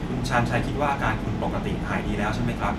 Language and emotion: Thai, neutral